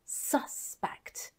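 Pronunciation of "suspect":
'Suspect' is said as the noun, with the stress on the first syllable.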